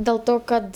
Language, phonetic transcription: Lithuanian, dėl ˈto kad

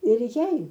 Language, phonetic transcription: Lithuanian, ir ˈjai

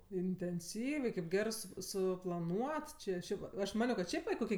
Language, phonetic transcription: Lithuanian, intenˈsyviai kaip ˈgerɜ su suplaˈnuot ˈči ˈšiaip aš ˈmanio kad ˈšiaip va i ˈkoki

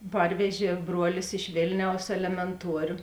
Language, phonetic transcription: Lithuanian, ˈparvežė ˈbruolis iš ˈvėlniaus elemenˈtuorio

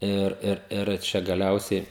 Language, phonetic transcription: Lithuanian, ˈir ˈir ir ˈčia gaˈliausiai

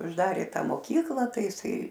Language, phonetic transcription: Lithuanian, užˈdarė ˈta moˈkykla ˈtai jiˈsai

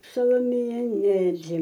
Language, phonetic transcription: Lithuanian, saloˈmėją ˈneri

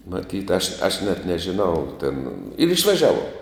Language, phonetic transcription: Lithuanian, maˈtyt aš aš net nežiˈnau tėn ir išvaˈžiavuom

